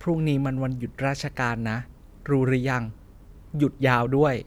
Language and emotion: Thai, neutral